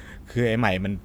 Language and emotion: Thai, frustrated